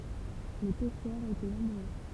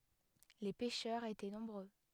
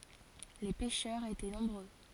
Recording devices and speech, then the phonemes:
temple vibration pickup, headset microphone, forehead accelerometer, read sentence
le pɛʃœʁz etɛ nɔ̃bʁø

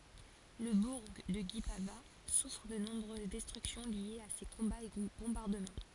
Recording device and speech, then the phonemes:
forehead accelerometer, read sentence
lə buʁ də ɡipava sufʁ də nɔ̃bʁøz dɛstʁyksjɔ̃ ljez a se kɔ̃baz e bɔ̃baʁdəmɑ̃

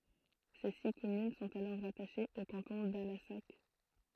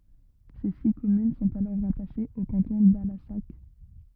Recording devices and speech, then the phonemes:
throat microphone, rigid in-ear microphone, read sentence
se si kɔmyn sɔ̃t alɔʁ ʁataʃez o kɑ̃tɔ̃ dalasak

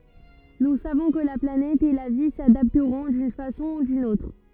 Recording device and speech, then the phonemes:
rigid in-ear microphone, read sentence
nu savɔ̃ kə la planɛt e la vi sadaptʁɔ̃ dyn fasɔ̃ u dyn otʁ

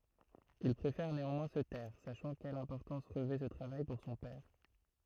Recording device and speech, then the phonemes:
throat microphone, read sentence
il pʁefɛʁ neɑ̃mwɛ̃ sə tɛʁ saʃɑ̃ kɛl ɛ̃pɔʁtɑ̃s ʁəvɛ sə tʁavaj puʁ sɔ̃ pɛʁ

